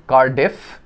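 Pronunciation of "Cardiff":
'Cardiff' is pronounced incorrectly here.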